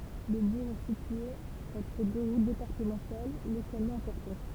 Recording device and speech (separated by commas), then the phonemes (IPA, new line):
temple vibration pickup, read sentence
lə buʁ ɛ sitye ɑ̃tʁ dø ʁut depaʁtəmɑ̃tal lokalmɑ̃ ɛ̃pɔʁtɑ̃t